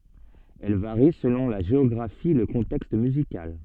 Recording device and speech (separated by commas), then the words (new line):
soft in-ear microphone, read sentence
Elle varie selon la géographie et le contexte musical.